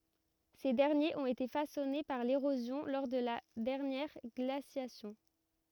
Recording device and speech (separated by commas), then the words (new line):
rigid in-ear microphone, read sentence
Ces derniers ont été façonnés par l'érosion lors de la dernière glaciation.